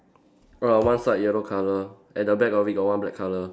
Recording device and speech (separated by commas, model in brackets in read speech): standing microphone, conversation in separate rooms